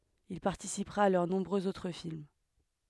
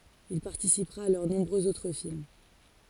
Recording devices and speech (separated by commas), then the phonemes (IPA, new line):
headset microphone, forehead accelerometer, read sentence
il paʁtisipʁa a lœʁ nɔ̃bʁøz otʁ film